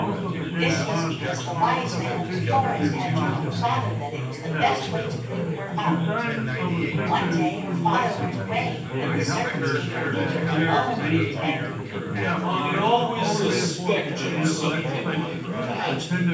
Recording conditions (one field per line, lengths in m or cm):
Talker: one person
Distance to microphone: 9.8 m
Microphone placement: far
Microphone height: 1.8 m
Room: large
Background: babble